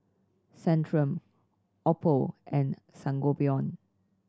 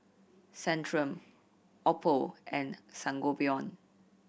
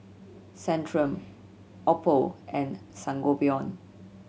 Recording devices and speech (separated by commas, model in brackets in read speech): standing microphone (AKG C214), boundary microphone (BM630), mobile phone (Samsung C7100), read sentence